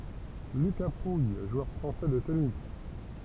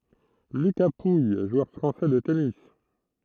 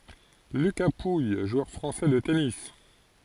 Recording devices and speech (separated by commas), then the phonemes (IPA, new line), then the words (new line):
temple vibration pickup, throat microphone, forehead accelerometer, read sentence
lyka puj ʒwœʁ fʁɑ̃sɛ də tenis
Lucas Pouille, joueur français de tennis.